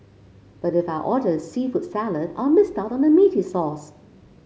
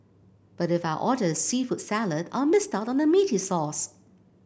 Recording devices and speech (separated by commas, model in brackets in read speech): mobile phone (Samsung C5), boundary microphone (BM630), read sentence